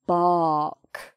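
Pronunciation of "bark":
'bark' is said the British English way. The r is not pronounced: there is just a b, an open vowel, and a k at the end.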